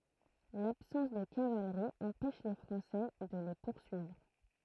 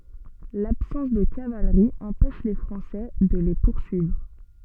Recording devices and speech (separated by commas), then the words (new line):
throat microphone, soft in-ear microphone, read sentence
L’absence de cavalerie empêche les Français de les poursuivre.